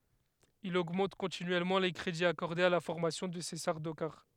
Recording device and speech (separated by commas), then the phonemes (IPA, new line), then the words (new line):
headset microphone, read sentence
il oɡmɑ̃t kɔ̃tinyɛlmɑ̃ le kʁediz akɔʁdez a la fɔʁmasjɔ̃ də se saʁdokaʁ
Il augmente continuellement les crédits accordés à la formation de ses Sardaukars.